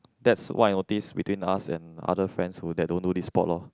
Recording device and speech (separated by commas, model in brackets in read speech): close-talking microphone, conversation in the same room